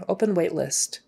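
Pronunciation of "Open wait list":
In 'open wait list', the t at the end of 'list' is pronounced and not dropped.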